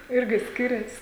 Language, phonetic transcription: Lithuanian, ˈirgi ˈskirias

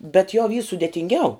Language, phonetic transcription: Lithuanian, bet jau vy sudėtinˈgiau

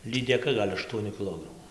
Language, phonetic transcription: Lithuanian, lydeˈka ˈgal' ašˈtuoniu kiˈlogramu

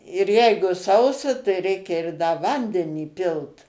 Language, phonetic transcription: Lithuanian, ir ˈjeigu ˈsausa tai ˈreikia ir da ˈvandenį ˈpilt

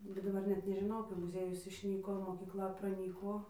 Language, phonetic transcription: Lithuanian, bet daˈbar net nežiˈnau kai muˈziejus išˈnyko mokykˈla praˈnyko

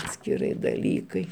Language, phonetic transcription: Lithuanian, atskiˈrai daˈlykai

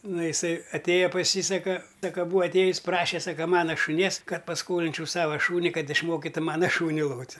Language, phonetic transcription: Lithuanian, ˈnu iˈsai aˈtėja pas ˈjį ˈsaka ˈsaka būa atˈėjus' ˈpraše ˈsaka ˈmano šuˈnies ˈkad pasˈkolinčiau ˈsava ˈšūni ˈkad išˈmokitu ˈmana ˈšūni ˈlot'

